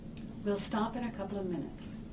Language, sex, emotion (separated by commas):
English, female, neutral